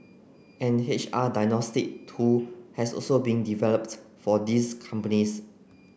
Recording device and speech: boundary microphone (BM630), read sentence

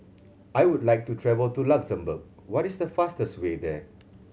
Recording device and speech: mobile phone (Samsung C7100), read sentence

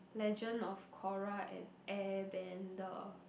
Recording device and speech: boundary microphone, conversation in the same room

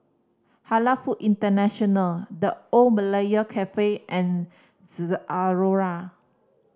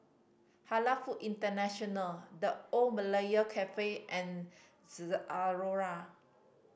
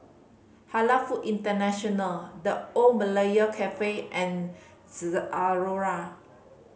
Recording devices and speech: standing microphone (AKG C214), boundary microphone (BM630), mobile phone (Samsung C5010), read sentence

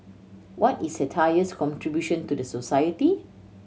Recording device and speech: mobile phone (Samsung C7100), read sentence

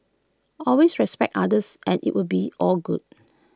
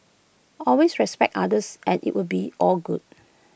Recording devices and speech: close-talking microphone (WH20), boundary microphone (BM630), read sentence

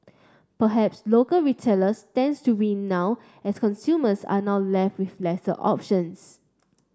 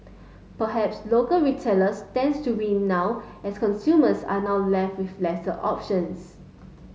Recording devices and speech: standing microphone (AKG C214), mobile phone (Samsung S8), read sentence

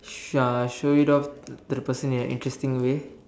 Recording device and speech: standing microphone, conversation in separate rooms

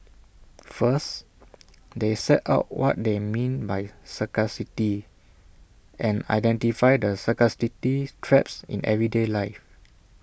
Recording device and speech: boundary microphone (BM630), read sentence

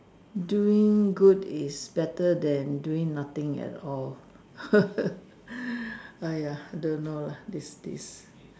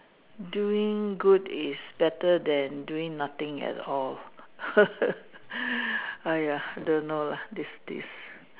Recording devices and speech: standing microphone, telephone, conversation in separate rooms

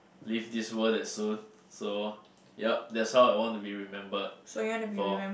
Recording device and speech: boundary microphone, conversation in the same room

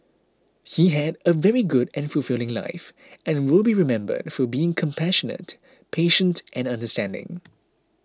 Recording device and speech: close-talking microphone (WH20), read sentence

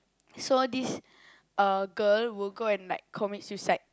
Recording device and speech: close-talking microphone, conversation in the same room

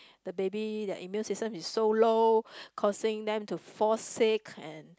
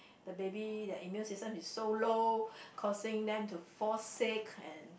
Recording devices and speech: close-talking microphone, boundary microphone, conversation in the same room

